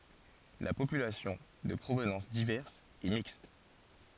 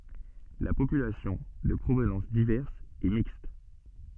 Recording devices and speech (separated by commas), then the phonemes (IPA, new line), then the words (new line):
forehead accelerometer, soft in-ear microphone, read sentence
la popylasjɔ̃ də pʁovnɑ̃s divɛʁs ɛ mikst
La population, de provenance diverse, est mixte.